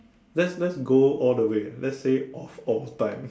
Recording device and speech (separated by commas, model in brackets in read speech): standing microphone, conversation in separate rooms